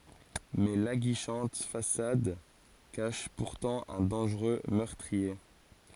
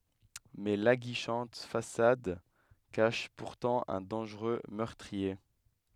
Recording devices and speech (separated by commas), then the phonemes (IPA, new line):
forehead accelerometer, headset microphone, read sentence
mɛ laɡiʃɑ̃t fasad kaʃ puʁtɑ̃ œ̃ dɑ̃ʒʁø mœʁtʁie